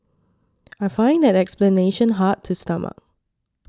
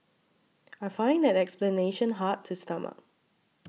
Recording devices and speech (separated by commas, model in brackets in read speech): standing microphone (AKG C214), mobile phone (iPhone 6), read sentence